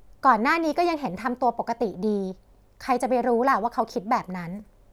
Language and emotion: Thai, neutral